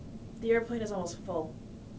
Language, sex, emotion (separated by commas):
English, female, neutral